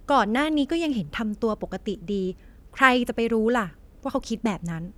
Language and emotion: Thai, frustrated